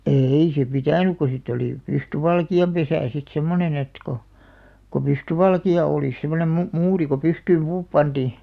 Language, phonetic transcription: Finnish, ee₍i se "pitä̀nuk ko sitᵗ ‿olì , "pystyvalki₍am'pesä̀ sit 'semmonen ‿et ko , ko "pystyvalki₍a òlis̆ 'sem̆monem mu- , "muuri ko 'pystyym 'puup "panᴅì .
- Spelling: ei se pitänyt kun sitä oli pystyvalkeanpesä sitten semmoinen että kun kun pystyvalkea olisi semmoinen - muuri kun pystyyn puu pantiin

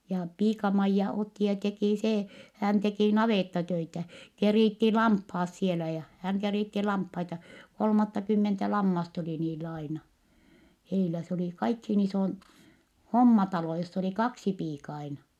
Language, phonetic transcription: Finnish, ja piika-Maijja otti ja tekì see , hä̀n tekì navèttatöitä , kerìtti lamphaas sielä ja , häŋ kerìtti lamphaita , kolmattakymmentä lammast ‿oli niill ‿aina , heilä , s ‿olì kaikhiin isoin , hommatalo joss ‿oli kaksi piika aina .
- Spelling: ja piika-Maija otti ja teki se hän teki navettatöitä keritsi lampaat siellä ja hän keritsi lampaita kolmattakymmentä lammasta oli niillä aina heillä se oli kaikkein isoin hommatalo jossa oli kaksi piikaa aina

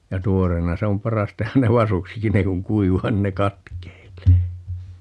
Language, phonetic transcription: Finnish, ja 'tuoreena se om "paras 'tehän ne "vasuksikin - 'ne kuŋ "kuiv̀aa 'nin ne "katkeil̀ee .
- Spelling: ja tuoreena se on paras tehdä ne vasuksikin ne kun kuivaa niin ne katkeilee

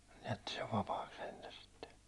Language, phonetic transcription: Finnish, jätti sev 'vapaaks̆ sentä sitte .
- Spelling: jätti sen vapaaksi sentään sitten

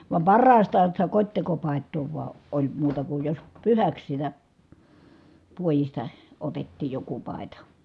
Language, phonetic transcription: Finnish, vam parraastaan̬ sitä kot́tekopàet̆too vua , oĺ muuta kuj jos pyhäks sitä , puojista , otettiij joku pài̮ta .
- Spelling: vaan parhaastaan sitä kotitekopaitaa vain oli muuta kuin jos pyhäksi sitä puodista otettiin joku paita

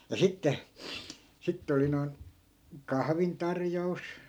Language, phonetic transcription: Finnish, ja 'sitte , 'sittᵉ oli noin , "kahvintarjo₍us .
- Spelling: ja sitten sitten oli noin kahvintarjous

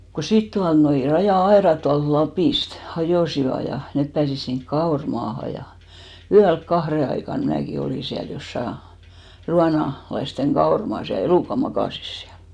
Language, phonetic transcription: Finnish, ku 'sit 'tualnoi , 'rajà₍'aerat tualt 'Lapìst , 'hajòsiva , ja 'nep pääsis siŋk "kaor'maaha ja , 'yälk "kahre aikan 'mnääki 'olì siäl 'jossa , 'ruana- , -laisteŋ 'kaormaas ja 'elùka 'makàsis siäl .
- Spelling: kun sitten tuolla noin raja-aidat tuolta Lapista hajosivat ja ne pääsi sinne kauramaahan ja yöllä kahden aikaan minäkin olin siellä jossakin - ruonalaisten kauramaassa ja elukat makasivat siellä

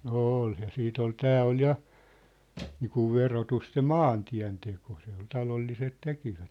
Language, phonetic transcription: Finnish, nŏ "ôl ja 'siit ‿ol "tää ol 'ja , niikuv 'verotust se "maantiä̭nteko se ‿ol 'talolliset 'tekivät .
- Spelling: no oli ja sitten oli tämä oli ja niin kuin verotusta se maantienteko se oli talolliset tekivät

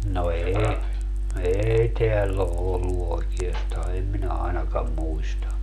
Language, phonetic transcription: Finnish, no 'eei , 'eei 'teäll ‿o 'ollu 'oiki₍astaa eem 'minä ainakam 'muista .
- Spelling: no ei ei täällä ole ollut oikeastaan en minä ainakaan muista

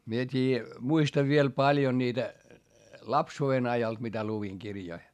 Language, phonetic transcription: Finnish, mie t́ii , muistav viel paljo niitä , lapsuu₍en ajalt mitä luviŋ kirjoi .
- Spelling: minä tiedä muistan vielä paljon niitä lapsuuden ajalta mitä luin kirjoja

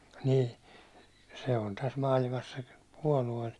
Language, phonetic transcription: Finnish, nì , se on täs 'maalimas se , 'puålu₍e- ,.
- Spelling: niin se on tässä maailmassa se puolue

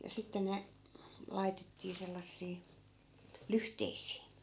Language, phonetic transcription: Finnish, ja 'sitten ne , 'laitettii 'sellassii , "lyhteisii .
- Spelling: ja sitten ne laitettiin sellaisiin lyhteisiin

